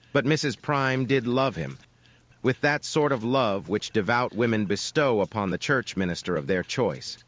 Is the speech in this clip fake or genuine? fake